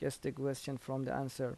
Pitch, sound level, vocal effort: 135 Hz, 80 dB SPL, soft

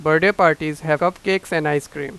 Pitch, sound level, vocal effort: 160 Hz, 95 dB SPL, loud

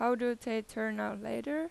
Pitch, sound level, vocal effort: 240 Hz, 89 dB SPL, normal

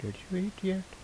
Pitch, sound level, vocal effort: 190 Hz, 76 dB SPL, soft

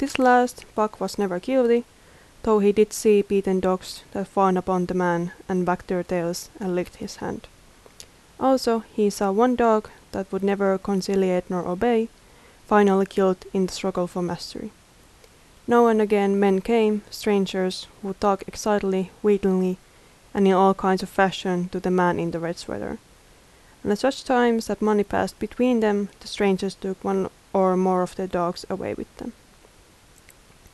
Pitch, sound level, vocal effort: 195 Hz, 79 dB SPL, normal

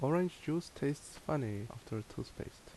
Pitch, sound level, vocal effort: 145 Hz, 74 dB SPL, normal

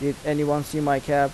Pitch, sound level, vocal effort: 145 Hz, 86 dB SPL, normal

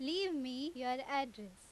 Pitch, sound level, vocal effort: 270 Hz, 91 dB SPL, very loud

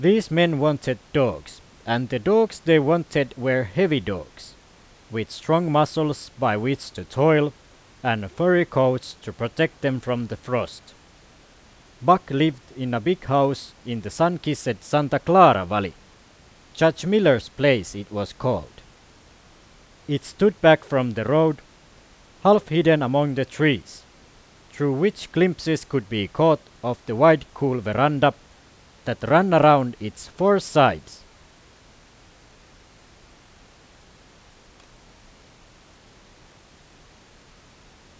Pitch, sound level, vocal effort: 125 Hz, 92 dB SPL, very loud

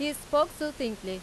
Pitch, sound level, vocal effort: 290 Hz, 93 dB SPL, very loud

